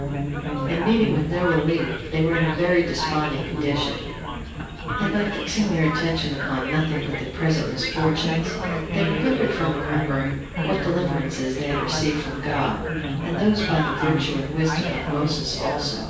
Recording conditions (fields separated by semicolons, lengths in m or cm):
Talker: one person; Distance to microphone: 9.8 m; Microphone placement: far; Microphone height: 1.8 m; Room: large; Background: babble